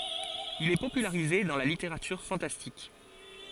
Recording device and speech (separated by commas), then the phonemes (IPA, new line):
forehead accelerometer, read sentence
il ɛ popylaʁize dɑ̃ la liteʁatyʁ fɑ̃tastik